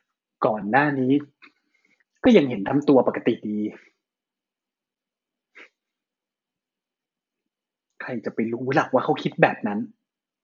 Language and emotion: Thai, frustrated